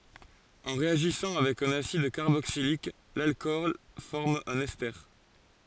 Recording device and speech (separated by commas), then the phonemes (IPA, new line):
forehead accelerometer, read sentence
ɑ̃ ʁeaʒisɑ̃ avɛk œ̃n asid kaʁboksilik lalkɔl fɔʁm œ̃n ɛste